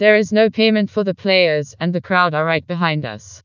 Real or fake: fake